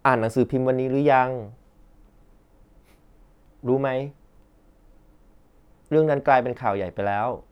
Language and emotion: Thai, neutral